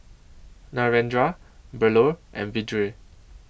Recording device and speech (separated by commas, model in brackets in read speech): boundary microphone (BM630), read sentence